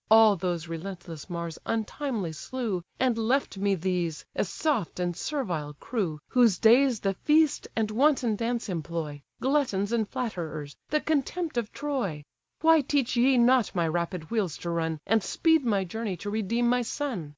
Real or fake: real